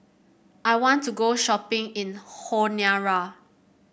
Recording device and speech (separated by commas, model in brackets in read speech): boundary microphone (BM630), read sentence